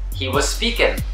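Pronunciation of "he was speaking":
In 'speaking', the ending is said as 'in', with no g sound at all.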